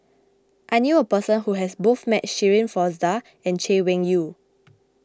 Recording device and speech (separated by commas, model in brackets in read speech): close-talking microphone (WH20), read sentence